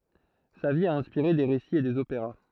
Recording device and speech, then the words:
throat microphone, read sentence
Sa vie a inspiré des récits et des opéras.

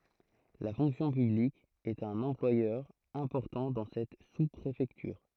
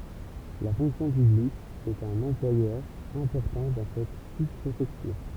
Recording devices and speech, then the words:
throat microphone, temple vibration pickup, read sentence
La fonction publique est un employeur important dans cette sous-préfecture.

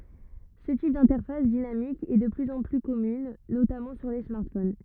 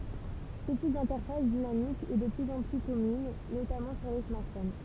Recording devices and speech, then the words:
rigid in-ear microphone, temple vibration pickup, read sentence
Ce type d'interface dynamique est de plus en plus commune, notamment sur les smartphones.

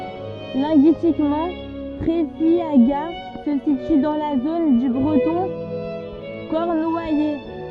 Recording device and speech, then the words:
soft in-ear microphone, read sentence
Linguistiquement, Treffiagat se situe dans la zone du breton cornouaillais.

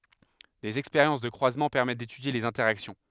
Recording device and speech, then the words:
headset microphone, read sentence
Des expériences de croisement permettent d'étudier les interactions.

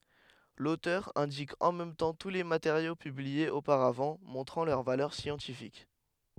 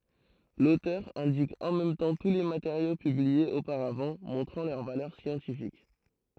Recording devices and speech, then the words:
headset microphone, throat microphone, read sentence
L'auteur indique en même temps tous les matériaux publiés auparavant, montrant leur valeur scientifique.

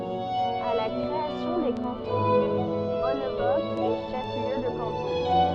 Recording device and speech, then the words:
soft in-ear microphone, read sentence
À la création des cantons, Bonnebosq est chef-lieu de canton.

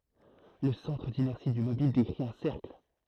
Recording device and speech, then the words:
throat microphone, read sentence
Le centre d'inertie du mobile décrit un cercle.

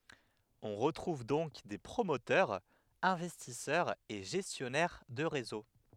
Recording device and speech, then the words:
headset microphone, read sentence
On retrouve donc des promoteurs, investisseurs et gestionnaires de réseaux.

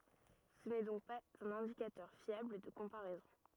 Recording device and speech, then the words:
rigid in-ear microphone, read sentence
Ce n’est donc pas un indicateur fiable de comparaison.

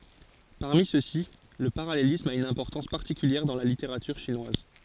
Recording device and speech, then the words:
forehead accelerometer, read sentence
Parmi ceux-ci le parallélisme a une importance particulière dans la littérature chinoise.

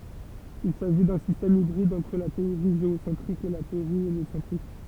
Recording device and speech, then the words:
temple vibration pickup, read sentence
Il s'agit d'un système hybride entre la théorie géocentrique et la théorie héliocentrique.

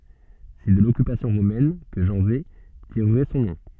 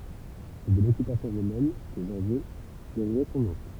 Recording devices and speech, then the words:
soft in-ear microphone, temple vibration pickup, read sentence
C'est de l'occupation romaine que Janzé tirerait son nom.

